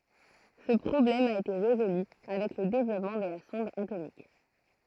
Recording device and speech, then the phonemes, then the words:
throat microphone, read sentence
sə pʁɔblɛm a ete ʁezoly avɛk lə devlɔpmɑ̃ də la sɔ̃d atomik
Ce problème a été résolue avec le développement de la sonde atomique.

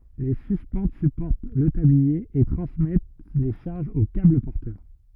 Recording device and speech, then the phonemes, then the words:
rigid in-ear microphone, read sentence
le syspɑ̃t sypɔʁt lə tablie e tʁɑ̃smɛt le ʃaʁʒz o kabl pɔʁtœʁ
Les suspentes supportent le tablier et transmettent les charges aux câbles porteurs.

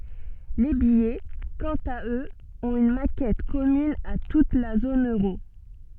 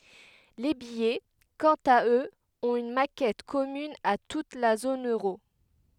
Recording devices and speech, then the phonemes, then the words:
soft in-ear microphone, headset microphone, read sentence
le bijɛ kɑ̃t a øz ɔ̃t yn makɛt kɔmyn a tut la zon øʁo
Les billets, quant à eux, ont une maquette commune à toute la zone euro.

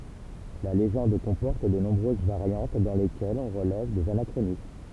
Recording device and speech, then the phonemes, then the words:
temple vibration pickup, read sentence
la leʒɑ̃d kɔ̃pɔʁt də nɔ̃bʁøz vaʁjɑ̃t dɑ̃ lekɛlz ɔ̃ ʁəlɛv dez anakʁonism
La légende comporte de nombreuses variantes dans lesquelles on relève des anachronismes.

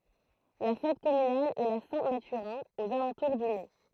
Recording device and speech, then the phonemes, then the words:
throat microphone, read sentence
la fɛt kɔmynal ɛ la sɛ̃ matyʁɛ̃ oz alɑ̃tuʁ dy mɛ
La fête communale est la Saint-Mathurin, aux alentours du mai.

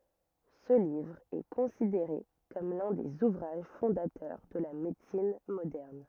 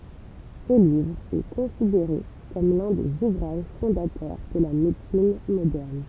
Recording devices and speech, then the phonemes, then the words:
rigid in-ear microphone, temple vibration pickup, read sentence
sə livʁ ɛ kɔ̃sideʁe kɔm lœ̃ dez uvʁaʒ fɔ̃datœʁ də la medəsin modɛʁn
Ce livre est considéré comme l'un des ouvrages fondateurs de la médecine moderne.

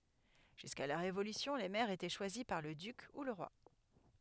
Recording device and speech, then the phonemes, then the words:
headset microphone, read sentence
ʒyska la ʁevolysjɔ̃ le mɛʁz etɛ ʃwazi paʁ lə dyk u lə ʁwa
Jusqu'à la Révolution, les maires étaient choisis par le duc ou le roi.

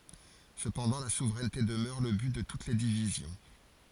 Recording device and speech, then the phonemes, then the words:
forehead accelerometer, read sentence
səpɑ̃dɑ̃ la suvʁɛnte dəmœʁ lə byt də tut le divizjɔ̃
Cependant, la souveraineté demeure le but de toutes les divisions.

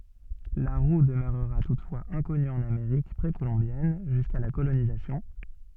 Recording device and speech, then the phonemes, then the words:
soft in-ear microphone, read sentence
la ʁu dəmøʁʁa tutfwaz ɛ̃kɔny ɑ̃n ameʁik pʁekolɔ̃bjɛn ʒyska la kolonizasjɔ̃
La roue demeurera toutefois inconnue en Amérique précolombienne, jusqu'à la colonisation.

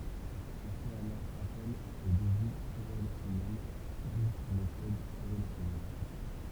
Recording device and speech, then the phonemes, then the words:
temple vibration pickup, read sentence
ɔ̃ fɛt alɔʁ apɛl o dəvi koʁelasjɔnɛl u metɔd koʁelasjɔnɛl
On fait alors appel au devis corrélationnel ou méthode corrélationnelle.

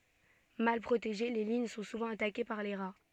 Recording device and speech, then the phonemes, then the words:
soft in-ear microphone, read sentence
mal pʁoteʒe le liɲ sɔ̃ suvɑ̃ atake paʁ le ʁa
Mal protégées, les lignes sont souvent attaquées par les rats.

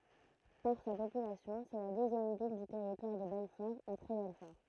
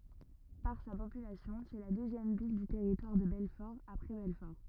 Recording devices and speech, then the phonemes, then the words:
throat microphone, rigid in-ear microphone, read sentence
paʁ sa popylasjɔ̃ sɛ la døzjɛm vil dy tɛʁitwaʁ də bɛlfɔʁ apʁɛ bɛlfɔʁ
Par sa population, c'est la deuxième ville du Territoire de Belfort après Belfort.

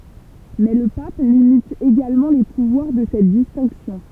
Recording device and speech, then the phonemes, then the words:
temple vibration pickup, read sentence
mɛ lə pap limit eɡalmɑ̃ le puvwaʁ də sɛt distɛ̃ksjɔ̃
Mais le pape limite également les pouvoirs de cette distinction.

